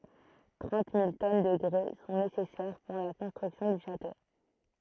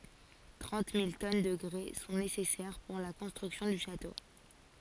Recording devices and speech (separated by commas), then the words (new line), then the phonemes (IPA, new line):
throat microphone, forehead accelerometer, read sentence
Trente mille tonnes de grès sont nécessaires pour la construction du château.
tʁɑ̃t mil tɔn də ɡʁɛ sɔ̃ nesɛsɛʁ puʁ la kɔ̃stʁyksjɔ̃ dy ʃato